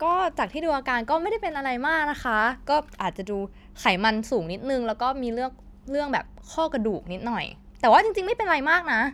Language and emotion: Thai, neutral